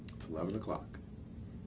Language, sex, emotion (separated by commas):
English, male, neutral